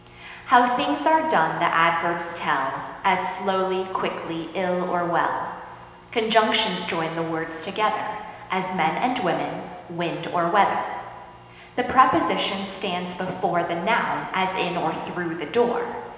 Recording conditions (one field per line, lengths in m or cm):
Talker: one person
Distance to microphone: 1.7 m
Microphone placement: close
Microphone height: 1.0 m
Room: very reverberant, large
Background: none